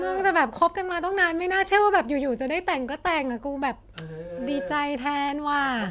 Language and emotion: Thai, happy